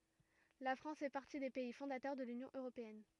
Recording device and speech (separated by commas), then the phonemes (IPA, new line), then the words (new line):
rigid in-ear microphone, read sentence
la fʁɑ̃s fɛ paʁti de pɛi fɔ̃datœʁ də lynjɔ̃ øʁopeɛn
La France fait partie des pays fondateurs de l'Union européenne.